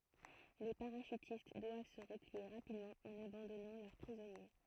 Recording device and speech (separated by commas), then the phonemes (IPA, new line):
throat microphone, read sentence
le paʁaʃytist dwav sə ʁəplie ʁapidmɑ̃ ɑ̃n abɑ̃dɔnɑ̃ lœʁ pʁizɔnje